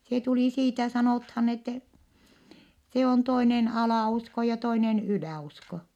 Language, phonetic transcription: Finnish, se tulì siitä sanòthan ‿ettɛ , se on toinen alà₍usko ja toinen ylä̀₍usko .
- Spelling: se tuli siitä sanotaan että se on toinen alausko ja toinen yläusko

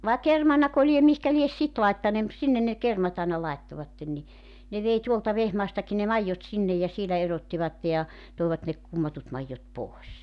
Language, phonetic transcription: Finnish, vàe 'kermanako liem 'mihkä lies "sit 'laittanee mut 'sinnen ne 'kermat ‿àena 'laittovatten ni , 'ne vei 'tuolta 'Vehmaastaki ne "maijjot 'sinnej̆ ja 'sielä 'erottivatte ja , 'tòivat ne 'kummatut maijjot 'pòes .
- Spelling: vai kermanako lie mihinkä lie sitten laittaneet mutta sinne ne kermat aina laittoivat niin ne vei tuolta Vehmaastakin ne maidot sinne ja siellä erottivat ja toivat ne kummatut maidot pois

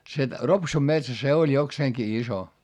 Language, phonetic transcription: Finnish, se , Ropsum metsä se oĺ jokseeŋki iso .
- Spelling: se Ropsun metsä se oli jokseenkin iso

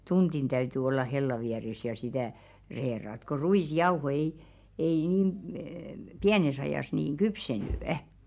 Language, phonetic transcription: Finnish, 'tunᴅin täyty olla 'hella viäres ja 'sitä , 'reerat ko "ruis'jauho ei , ei niim əə "piänes ‿ajàs nìn 'kypseny' .
- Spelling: tunti täytyi olla hellan vieressä ja sitä reilata kun ruisjauho ei ei niin - pienessä ajassa niin kypsynyt

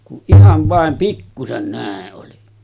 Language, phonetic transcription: Finnish, kuˀ 'ˀihav vàem 'pikkusen 'nä̀e’ ’oli .
- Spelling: kun ihan vain pikkuisen näin oli

